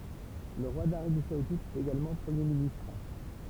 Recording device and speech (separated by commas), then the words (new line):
temple vibration pickup, read sentence
Le roi d'Arabie saoudite est également Premier ministre.